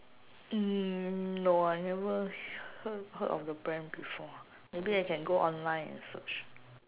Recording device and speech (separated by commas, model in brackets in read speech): telephone, conversation in separate rooms